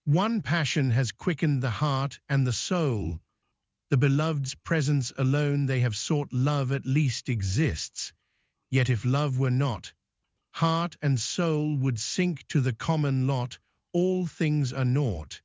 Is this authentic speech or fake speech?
fake